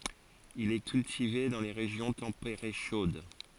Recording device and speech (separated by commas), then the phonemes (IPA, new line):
forehead accelerometer, read sentence
il ɛ kyltive dɑ̃ le ʁeʒjɔ̃ tɑ̃peʁe ʃod